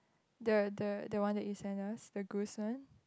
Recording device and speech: close-talking microphone, conversation in the same room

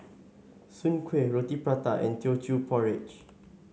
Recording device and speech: mobile phone (Samsung S8), read sentence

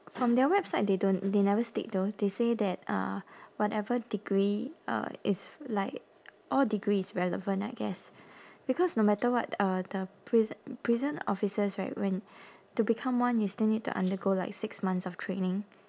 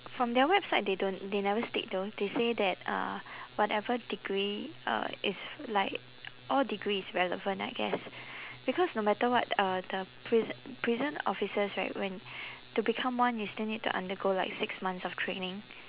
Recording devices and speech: standing microphone, telephone, conversation in separate rooms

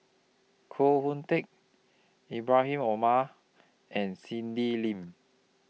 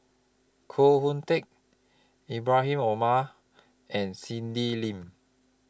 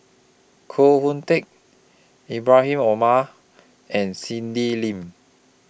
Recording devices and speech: mobile phone (iPhone 6), close-talking microphone (WH20), boundary microphone (BM630), read sentence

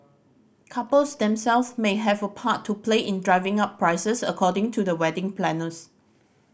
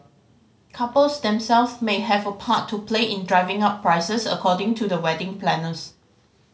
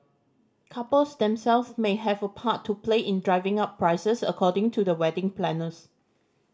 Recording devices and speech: boundary microphone (BM630), mobile phone (Samsung C5010), standing microphone (AKG C214), read sentence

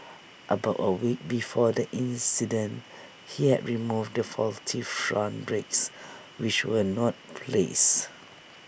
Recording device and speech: boundary microphone (BM630), read sentence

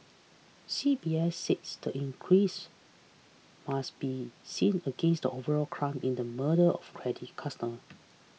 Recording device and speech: mobile phone (iPhone 6), read sentence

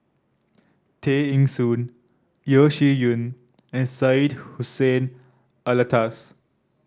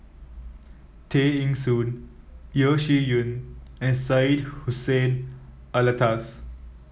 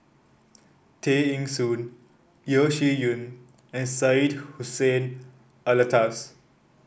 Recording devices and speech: standing microphone (AKG C214), mobile phone (iPhone 7), boundary microphone (BM630), read sentence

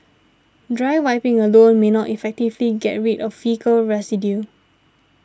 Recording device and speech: standing microphone (AKG C214), read sentence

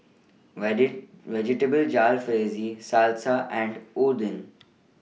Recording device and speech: mobile phone (iPhone 6), read sentence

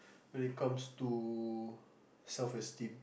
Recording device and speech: boundary microphone, conversation in the same room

